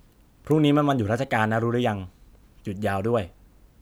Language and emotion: Thai, neutral